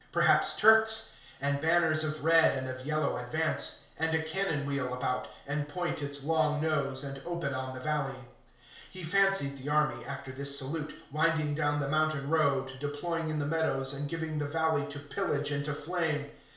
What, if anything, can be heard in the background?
Nothing.